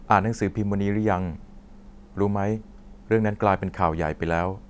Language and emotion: Thai, neutral